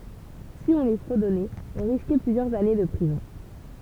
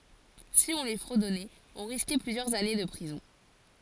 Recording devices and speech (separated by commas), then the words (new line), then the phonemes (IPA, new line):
temple vibration pickup, forehead accelerometer, read sentence
Si on les fredonnait, on risquait plusieurs années de prison.
si ɔ̃ le fʁədɔnɛt ɔ̃ ʁiskɛ plyzjœʁz ane də pʁizɔ̃